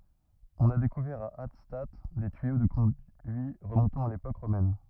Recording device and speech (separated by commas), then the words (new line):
rigid in-ear microphone, read sentence
On a découvert à Hattstatt des tuyaux de conduits remontant à l'époque romaine.